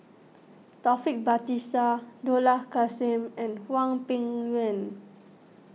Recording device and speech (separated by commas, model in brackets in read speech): mobile phone (iPhone 6), read sentence